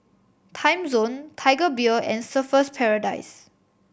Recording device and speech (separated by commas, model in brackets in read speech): boundary microphone (BM630), read sentence